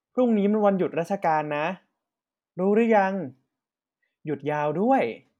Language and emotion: Thai, happy